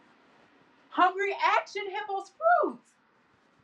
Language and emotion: English, sad